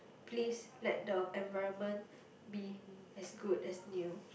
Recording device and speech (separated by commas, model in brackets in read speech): boundary microphone, conversation in the same room